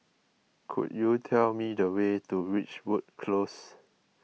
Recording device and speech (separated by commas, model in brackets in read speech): mobile phone (iPhone 6), read sentence